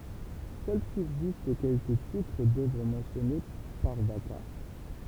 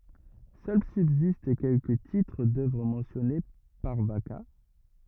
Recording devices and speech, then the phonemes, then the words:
temple vibration pickup, rigid in-ear microphone, read sentence
sœl sybzist kɛlkə titʁ dœvʁ mɑ̃sjɔne paʁ vaka
Seuls subsistent quelques titres d'œuvre mentionnés par Vacca.

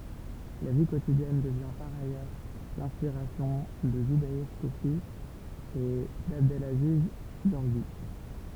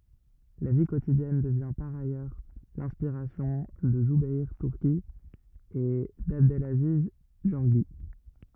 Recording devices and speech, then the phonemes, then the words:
temple vibration pickup, rigid in-ear microphone, read sentence
la vi kotidjɛn dəvjɛ̃ paʁ ajœʁ lɛ̃spiʁasjɔ̃ də zubɛʁ tyʁki e dabdlaziz ɡɔʁʒi
La vie quotidienne devient par ailleurs l'inspiration de Zoubeir Turki et d'Abdelaziz Gorgi.

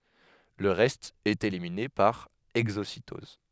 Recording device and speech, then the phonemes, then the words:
headset microphone, read sentence
lə ʁɛst ɛt elimine paʁ ɛɡzositɔz
Le reste est éliminé par exocytose.

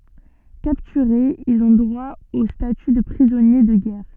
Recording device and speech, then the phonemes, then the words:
soft in-ear microphone, read sentence
kaptyʁez ilz ɔ̃ dʁwa o staty də pʁizɔnje də ɡɛʁ
Capturés, ils ont droit au statut de prisonnier de guerre.

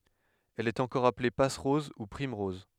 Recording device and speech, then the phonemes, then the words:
headset microphone, read sentence
ɛl ɛt ɑ̃kɔʁ aple pasʁɔz u pʁimʁɔz
Elle est encore appelée passe-rose ou primerose.

